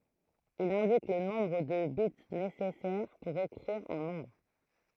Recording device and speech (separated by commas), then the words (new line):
throat microphone, read sentence
Il indique le nombre de bits nécessaires pour écrire un nombre.